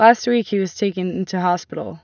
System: none